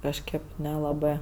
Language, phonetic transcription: Lithuanian, kažˈkɜp nelaˈbɜ

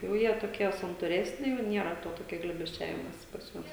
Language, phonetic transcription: Lithuanian, jauˈ jie toˈkie santūˈresni jau ˈniera to toˈkia glėbesˈčiavimosi pas ˈjuos

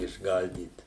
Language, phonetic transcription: Lithuanian, išˈgaldyt

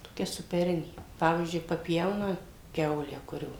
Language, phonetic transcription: Lithuanian, toˈkia supeˈrinė ˈpavyzdžiui paˈpjauna ˈkiaulę ˈkurio

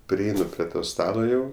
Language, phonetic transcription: Lithuanian, priˈeinu pri ˈto ˈstalo jau

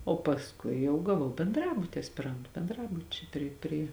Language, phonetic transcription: Lithuanian, o pasˈkui jau gaˈvau benˈdrabuti aspiˈrantu benˈdrabučiai ˈpri pri

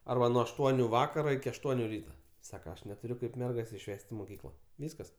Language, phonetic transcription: Lithuanian, ˈarba nuo ašˈtuoniu ˈvakaro iki ašˈtuoniu ˈryta ˈsaka aš netuˈriu ˈkaip ˈmergas išˈves't' i moˈkykla ˈvyskas

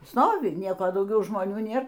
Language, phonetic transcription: Lithuanian, ˈstovi ˈnieko dauˈgiau žmoˈnių ˈnėr

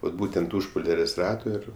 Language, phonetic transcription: Lithuanian, vat ˈbūtent ˈuž poˈliarės' ˈrato ˈir

